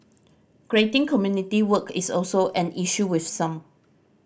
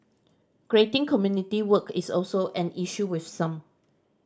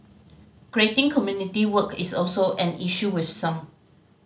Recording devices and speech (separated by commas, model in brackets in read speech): boundary microphone (BM630), standing microphone (AKG C214), mobile phone (Samsung C5010), read sentence